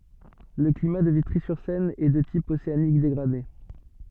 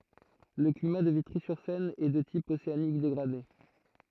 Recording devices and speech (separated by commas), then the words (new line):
soft in-ear microphone, throat microphone, read sentence
Le climat de Vitry-sur-Seine est de type océanique dégradé.